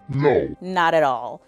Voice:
deep voice